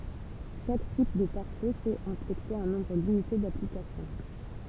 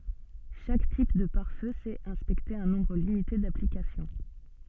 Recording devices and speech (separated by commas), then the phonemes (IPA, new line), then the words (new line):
temple vibration pickup, soft in-ear microphone, read sentence
ʃak tip də paʁ fø sɛt ɛ̃spɛkte œ̃ nɔ̃bʁ limite daplikasjɔ̃
Chaque type de pare-feu sait inspecter un nombre limité d'applications.